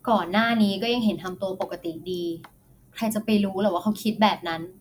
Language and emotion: Thai, neutral